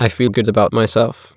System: TTS, waveform concatenation